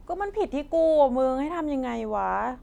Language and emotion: Thai, frustrated